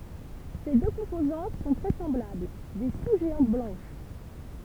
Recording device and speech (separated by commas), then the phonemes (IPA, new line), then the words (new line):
temple vibration pickup, read sentence
se dø kɔ̃pozɑ̃t sɔ̃ tʁɛ sɑ̃blabl de su ʒeɑ̃t blɑ̃ʃ
Ses deux composantes sont très semblables, des sous-géantes blanches.